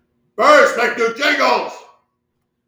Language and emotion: English, angry